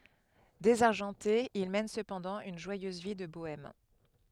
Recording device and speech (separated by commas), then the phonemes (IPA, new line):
headset microphone, read sentence
dezaʁʒɑ̃te il mɛn səpɑ̃dɑ̃ yn ʒwajøz vi də boɛm